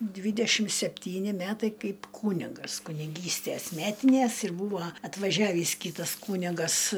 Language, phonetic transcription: Lithuanian, ˈdvydešim sepˈtyni ˈmætai ˈkaip ˈkūnigas kuniˈgystæs ˈmetinæs ir ˈbūva atvaˈžiavįs ˈkytas ˈkūnigas

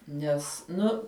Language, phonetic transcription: Lithuanian, ˈnes ˈnu

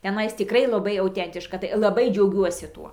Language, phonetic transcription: Lithuanian, teˈnais tiˈkrai laˈbai auˈtentiška tai laˈbai džiauˈgiuosi ˈtuo

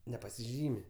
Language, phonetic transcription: Lithuanian, nepasiˈžymi

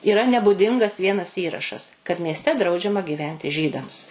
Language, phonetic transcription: Lithuanian, yˈra nebuˈdingas ˈvienas ˈįrašas kad miesˈte ˈdraudžiama gyˈventi ˈžydams

